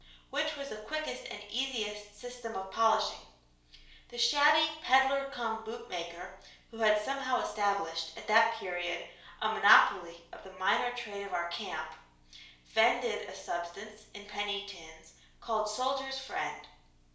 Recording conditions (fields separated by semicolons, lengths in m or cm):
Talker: one person; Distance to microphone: 1.0 m; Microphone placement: close; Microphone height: 1.1 m; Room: small (3.7 m by 2.7 m); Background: none